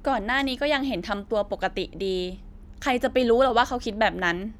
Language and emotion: Thai, frustrated